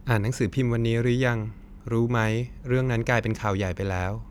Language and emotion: Thai, neutral